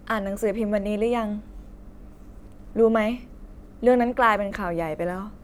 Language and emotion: Thai, frustrated